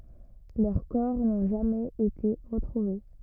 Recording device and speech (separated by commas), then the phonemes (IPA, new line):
rigid in-ear microphone, read sentence
lœʁ kɔʁ nɔ̃ ʒamɛz ete ʁətʁuve